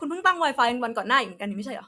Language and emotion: Thai, frustrated